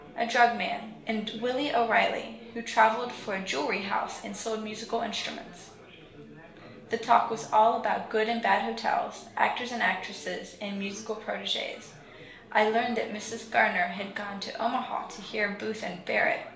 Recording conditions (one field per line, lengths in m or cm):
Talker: one person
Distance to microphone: 1.0 m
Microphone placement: close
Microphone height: 1.1 m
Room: small (3.7 m by 2.7 m)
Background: babble